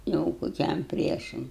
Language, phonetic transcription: Lithuanian, ˈjau koˈkiam ˈpriešam

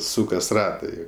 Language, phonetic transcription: Lithuanian, ˈsūkas ˈratai

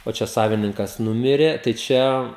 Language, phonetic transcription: Lithuanian, o ˈčia ˈsavininkas ˈnumirė tai ˈčia

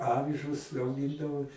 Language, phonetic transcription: Lithuanian, ˈavižus auˈgindavo

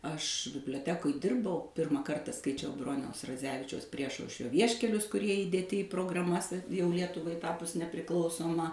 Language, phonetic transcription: Lithuanian, aš biblioˈtekoj ˈdirbau ˈpirmą ˈkarta skaiˈčiau ˈbroniaus raˈdzevičiaus ˈpriešaušrio ˈvieškelius kuˈrie įdėˈti į prograˈmas a jau ˈlietuvai ˈtapus nepriˈklausoma

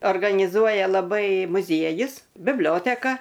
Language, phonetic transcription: Lithuanian, organiˈzuoja laˈbai muˈziejus bibˈlioteka

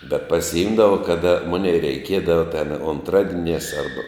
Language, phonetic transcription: Lithuanian, bet pasiˈimdava ˈkada ˈmunei reiˈkiedava ten unˈtradieniās ˈarba

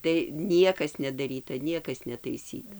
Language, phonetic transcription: Lithuanian, tai ˈniekas nedaˈryta ˈniekas netaiˈsyta

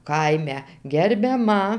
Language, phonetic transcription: Lithuanian, ˈkaime gerbiaˈma

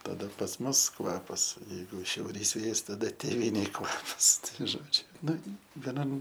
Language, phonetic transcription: Lithuanian, taˈda pas ˈmus ˈkvapas jeiˈgu šiauˈrys ˈvėjas taˈda tėˈvynėj ˈkvapas ˈtai ˈžodžiu ˈnu veˈnam

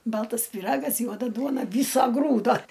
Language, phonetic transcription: Lithuanian, ˈbaltas pyˈragas ˈjuoda ˈduona ˈvyso ˈgrūdo

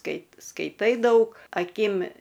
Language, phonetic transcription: Lithuanian, ˈkaip skaiˈtai ˈdaug aˈkim

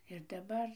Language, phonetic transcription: Lithuanian, ir daˈbar

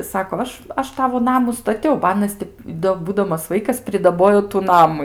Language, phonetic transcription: Lithuanian, ˈsako ˈaš ˈaš ˈtavo ˈnamu staˈtiau ba ˈanas ti do ˈbūdamas ˈvaikas pridaˈbojo tu ˈnamu

